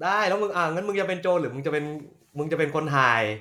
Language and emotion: Thai, neutral